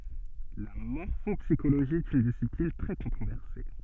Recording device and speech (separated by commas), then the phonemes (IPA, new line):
soft in-ear microphone, read sentence
la mɔʁfɔpsiʃoloʒi ɛt yn disiplin tʁɛ kɔ̃tʁovɛʁse